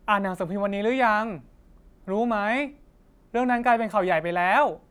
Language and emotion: Thai, frustrated